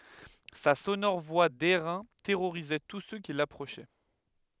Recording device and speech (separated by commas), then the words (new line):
headset microphone, read sentence
Sa sonore voix d'airain terrorisait tous ceux qui l'approchaient.